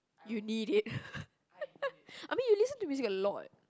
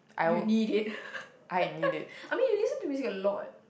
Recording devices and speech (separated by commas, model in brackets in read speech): close-talking microphone, boundary microphone, conversation in the same room